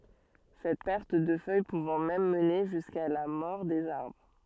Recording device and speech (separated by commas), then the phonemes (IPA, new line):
soft in-ear microphone, read sentence
sɛt pɛʁt də fœj puvɑ̃ mɛm məne ʒyska la mɔʁ dez aʁbʁ